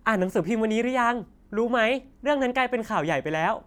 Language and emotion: Thai, happy